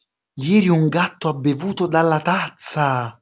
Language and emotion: Italian, surprised